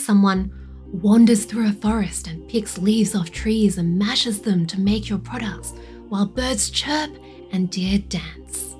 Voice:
ASMR voice